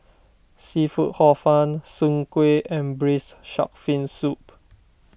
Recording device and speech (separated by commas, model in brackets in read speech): boundary microphone (BM630), read sentence